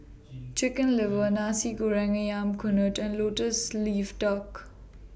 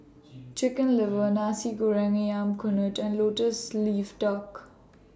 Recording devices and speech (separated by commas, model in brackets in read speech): boundary microphone (BM630), standing microphone (AKG C214), read sentence